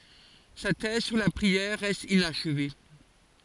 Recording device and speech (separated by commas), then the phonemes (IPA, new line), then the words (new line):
forehead accelerometer, read sentence
sa tɛz syʁ la pʁiɛʁ ʁɛst inaʃve
Sa thèse sur la prière reste inachevée.